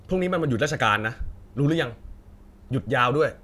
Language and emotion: Thai, angry